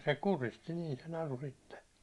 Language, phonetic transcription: Finnish, se 'kuristi niin̬ se 'naru sitte .
- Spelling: se kuristi niin se naru sitten

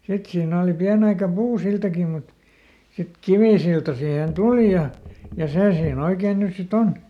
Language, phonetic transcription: Finnish, ˈsit siin ‿òli ˈpiänᵉ aika ˈpuuˈsiltaki mut , sit "kivìsilta sihèn "tuli ja , ja ˈsè siiˈn ‿oikeen ˈnys si"t ‿on .
- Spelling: sitten siinä oli pieni aika puusiltakin mutta sitten kivisilta siihen tuli ja ja se siinä oikein nyt sitten on

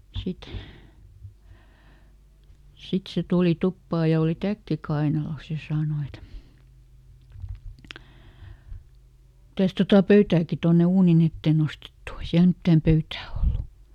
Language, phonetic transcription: Finnish, ˈsit , ˈsit se ˈtùli "tuppaa ja oli "täkki ˈkainalos ja "saano et , » ˈmitäs tota "pöytääki ˈtonne "uunin ‿ettee ˈnostettu o » , ei ˈsiäl ˈmittääm "pöytää ˈollu .
- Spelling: sitten sitten se tuli tupaan ja oli täkki kainalossa ja sanoi että mitäs tuota pöytääkin tuonne uunin eteen nostettu on ei siellä mitään pöytää ollut

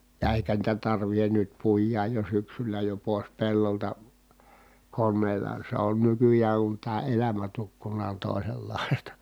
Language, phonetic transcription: Finnish, ja èikä niitä tarvihen nyt puij̆jaaj jo syksylä jo pòes pellolta , konneela se on nykyjääŋ kun tää elämä tukkun̆naa on tòisellàistA .
- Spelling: ja eikä niitä tarvitse nyt puida jo syksyllä jo pois pellolta koneella se on nykyään kun tämä elämä tukkunaan on toisenlaista

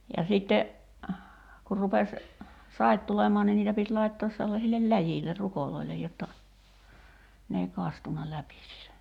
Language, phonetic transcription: Finnish, ja 'sitte , kur 'rupes , "sait tulem̀ɔa ni 'niitä pit 'laittoos sellasillel "läjiiller "rukoloilej jotta , n ‿ei 'kastun̆na läpi(sse) .
- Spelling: ja sitten kun rupesi saivat tulemaan niin niitä piti laittaa sellaisille läjille ruoille jotta ne ei kastunut läpi

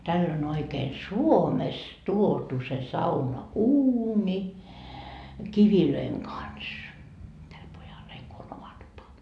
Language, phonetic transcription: Finnish, täll ‿on ‿oikeen "Suomest tuotu se 'sauna₍"uuni , 'kivilöiŋ "kans , täl 'pojal , heil ko on oma tupa .
- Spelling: tällä on oikein Suomesta tuotu se saunauuni kivien kanssa tällä pojalla heillä kun on oma tupa

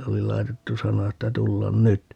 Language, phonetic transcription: Finnish, oli 'lai̮tettu 'sana että » 'tullan "nyt » .
- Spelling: oli laitettu sana että tulla nyt

